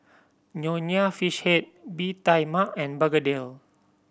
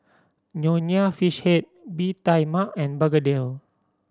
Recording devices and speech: boundary microphone (BM630), standing microphone (AKG C214), read sentence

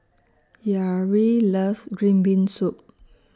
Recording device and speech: standing microphone (AKG C214), read sentence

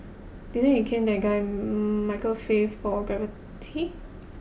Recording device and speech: boundary microphone (BM630), read sentence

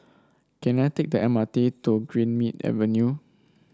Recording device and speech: standing microphone (AKG C214), read sentence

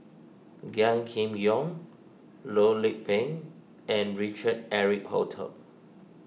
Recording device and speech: mobile phone (iPhone 6), read sentence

